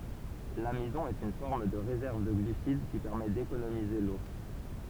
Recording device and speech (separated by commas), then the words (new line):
temple vibration pickup, read sentence
L'amidon est une forme de réserve de glucides qui permet d'économiser l'eau.